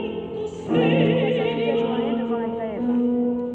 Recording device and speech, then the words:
soft in-ear microphone, read sentence
Son navire croisa toute la journée devant la grève.

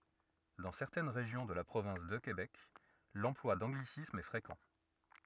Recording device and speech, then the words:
rigid in-ear microphone, read sentence
Dans certaines régions de la province de Québec, l'emploi d'anglicismes est fréquent.

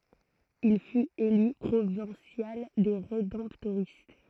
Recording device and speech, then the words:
throat microphone, read sentence
Il fut élu Provincial des Rédemptoristes.

